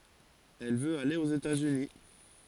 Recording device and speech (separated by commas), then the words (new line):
forehead accelerometer, read sentence
Elle veut aller aux États-Unis.